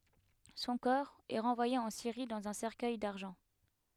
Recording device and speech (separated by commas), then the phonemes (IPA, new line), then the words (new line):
headset microphone, read sentence
sɔ̃ kɔʁ ɛ ʁɑ̃vwaje ɑ̃ siʁi dɑ̃z œ̃ sɛʁkœj daʁʒɑ̃
Son corps est renvoyé en Syrie dans un cercueil d'argent.